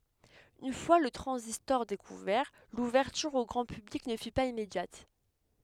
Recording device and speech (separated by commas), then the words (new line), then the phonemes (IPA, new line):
headset microphone, read sentence
Une fois le transistor découvert, l'ouverture au grand public ne fut pas immédiate.
yn fwa lə tʁɑ̃zistɔʁ dekuvɛʁ luvɛʁtyʁ o ɡʁɑ̃ pyblik nə fy paz immedjat